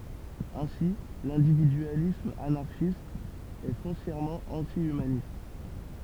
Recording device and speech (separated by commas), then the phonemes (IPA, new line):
temple vibration pickup, read sentence
ɛ̃si lɛ̃dividyalism anaʁʃist ɛ fɔ̃sjɛʁmɑ̃ ɑ̃ti ymanist